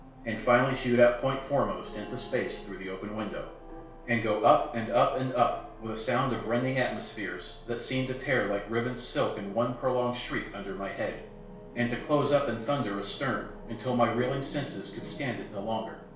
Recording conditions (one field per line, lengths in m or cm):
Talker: one person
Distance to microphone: 1.0 m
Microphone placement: close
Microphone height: 1.1 m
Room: small (3.7 m by 2.7 m)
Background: television